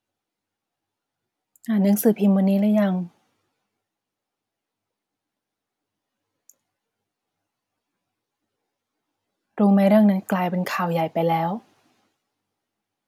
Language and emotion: Thai, sad